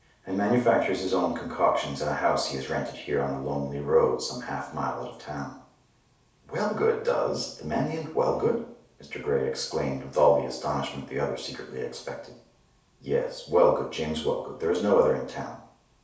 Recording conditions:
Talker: one person; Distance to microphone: 3.0 m; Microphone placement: far; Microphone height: 1.8 m; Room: small (3.7 m by 2.7 m); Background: none

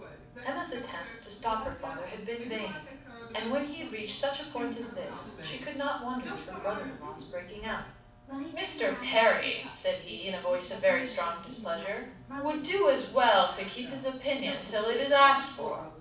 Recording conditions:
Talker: one person; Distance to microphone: 5.8 m; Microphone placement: far; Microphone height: 1.8 m; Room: medium-sized (5.7 m by 4.0 m); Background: television

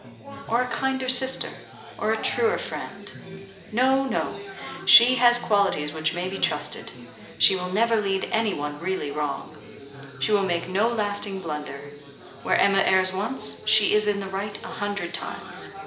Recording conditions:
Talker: one person; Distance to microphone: 1.8 m; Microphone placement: close; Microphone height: 1.0 m; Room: large; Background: babble

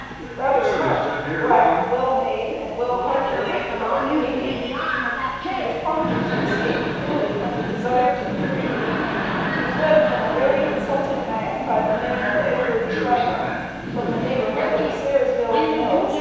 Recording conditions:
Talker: one person; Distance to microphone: 7.1 m; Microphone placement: far; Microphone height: 1.7 m; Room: very reverberant, large; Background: television

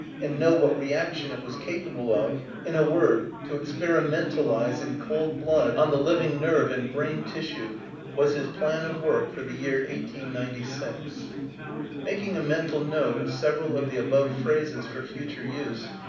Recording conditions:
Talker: one person; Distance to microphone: 5.8 m; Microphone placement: far; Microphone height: 1.8 m; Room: medium-sized (5.7 m by 4.0 m); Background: babble

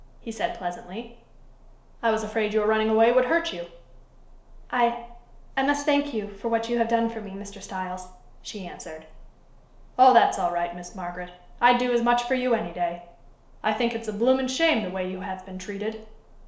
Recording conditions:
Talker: one person; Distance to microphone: 1.0 m; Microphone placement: close; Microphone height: 1.1 m; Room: small (3.7 m by 2.7 m); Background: none

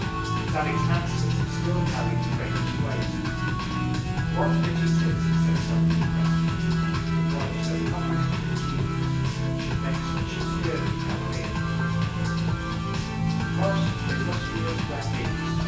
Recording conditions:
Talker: one person; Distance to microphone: 9.8 m; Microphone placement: far; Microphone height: 1.8 m; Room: large; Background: music

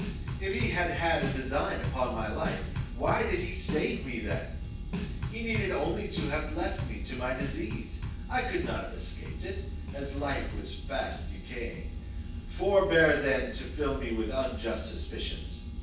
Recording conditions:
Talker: one person; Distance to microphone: 9.8 m; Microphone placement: far; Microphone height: 1.8 m; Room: large; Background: music

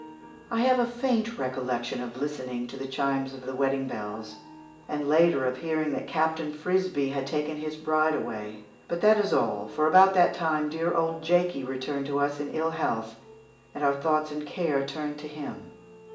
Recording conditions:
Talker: one person; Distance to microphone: 1.8 m; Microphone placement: close; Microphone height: 1.0 m; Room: large; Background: music

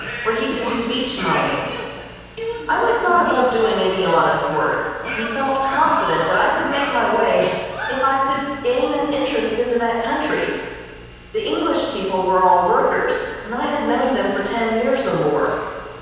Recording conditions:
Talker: one person; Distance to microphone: 7.1 m; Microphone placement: far; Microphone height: 1.7 m; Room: very reverberant, large; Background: television

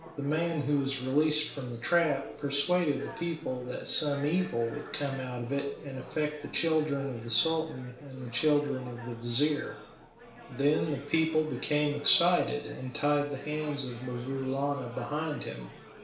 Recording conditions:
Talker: one person; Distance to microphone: 1.0 m; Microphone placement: close; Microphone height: 1.1 m; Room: small (3.7 m by 2.7 m); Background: babble

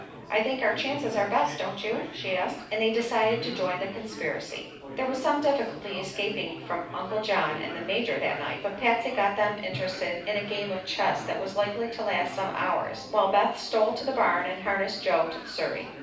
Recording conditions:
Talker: one person; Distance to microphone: 5.8 m; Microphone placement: far; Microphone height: 1.8 m; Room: medium-sized (5.7 m by 4.0 m); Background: babble

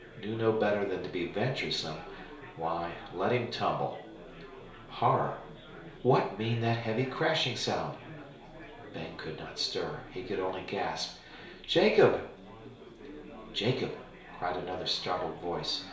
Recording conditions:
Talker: one person; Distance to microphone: 1.0 m; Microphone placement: close; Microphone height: 1.1 m; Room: small (3.7 m by 2.7 m); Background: babble

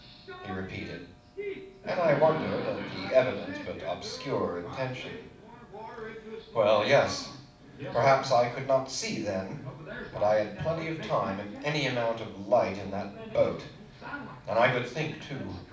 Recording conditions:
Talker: one person; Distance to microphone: 5.8 m; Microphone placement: far; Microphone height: 1.8 m; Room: medium-sized (5.7 m by 4.0 m); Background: television

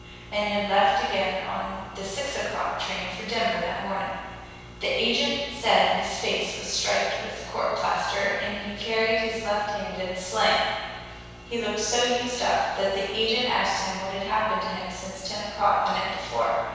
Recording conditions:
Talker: one person; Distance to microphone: 7.1 m; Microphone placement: far; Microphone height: 1.7 m; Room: very reverberant, large; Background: none

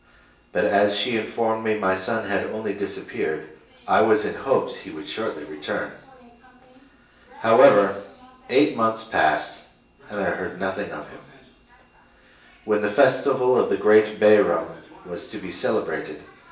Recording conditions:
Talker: one person; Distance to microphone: 1.8 m; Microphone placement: close; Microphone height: 1.0 m; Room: large; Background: television

